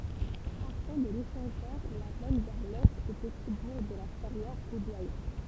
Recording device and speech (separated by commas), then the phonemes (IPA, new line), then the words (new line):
temple vibration pickup, read sentence
paʁtɑ̃ də leʃɑ̃ʒœʁ la mɛn vɛʁ lɛt o pəti buʁ də la fɛʁjɛʁ o dwajɛ̃
Partant de l'échangeur, la mène vers l'est au petit bourg de La Ferrière-au-Doyen.